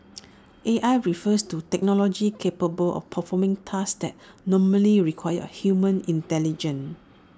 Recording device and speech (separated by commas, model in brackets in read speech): standing microphone (AKG C214), read sentence